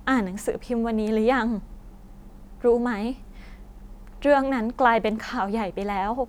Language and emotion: Thai, sad